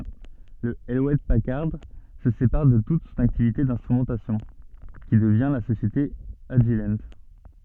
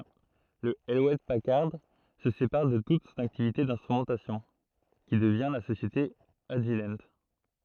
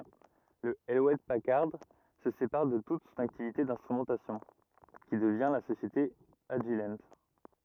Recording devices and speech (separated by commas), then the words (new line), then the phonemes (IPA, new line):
soft in-ear microphone, throat microphone, rigid in-ear microphone, read sentence
Le Hewlett-Packard se sépare de toute son activité instrumentation, qui devient la société Agilent.
lə  julɛt pakaʁd sə sepaʁ də tut sɔ̃n aktivite ɛ̃stʁymɑ̃tasjɔ̃ ki dəvjɛ̃ la sosjete aʒil